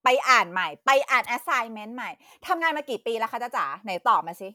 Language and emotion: Thai, angry